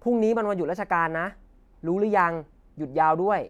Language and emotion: Thai, frustrated